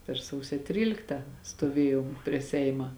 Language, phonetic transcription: Lithuanian, per ˈsausio ˈtrylikta stoˈvėjom prie ˈseima

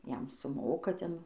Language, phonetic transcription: Lithuanian, ˈjam suˈmoka ˈten

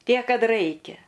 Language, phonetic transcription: Lithuanian, ˈtiek ˈkad ˈraikia

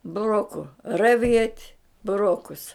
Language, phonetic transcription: Lithuanian, buˈroku raˈviet' buˈrokus

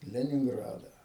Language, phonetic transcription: Lithuanian, leninˈgradą

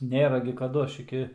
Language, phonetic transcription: Lithuanian, ˈnėra gi kaˈdu ˈaš ˈiki

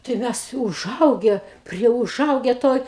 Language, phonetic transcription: Lithuanian, tai ˈmes uˈžauge ˈprie uˈžauge ˈtoj

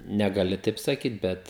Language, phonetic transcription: Lithuanian, negaˈli ˈtaip saˈkyt ˈbet

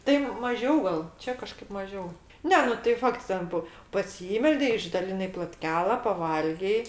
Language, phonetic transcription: Lithuanian, tai maˈžiau gal ˈčia kaˈžkaip maˈžiau ˈne nu tai ˈfakts ˈten po paˈsymeldei išdaliˈnai plotˈkela paˈvalgei

